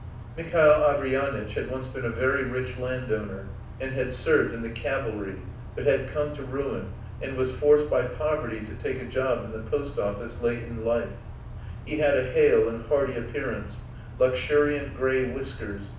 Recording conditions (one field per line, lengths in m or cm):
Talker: one person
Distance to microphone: 5.8 m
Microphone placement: far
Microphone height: 1.8 m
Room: medium-sized (5.7 m by 4.0 m)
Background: none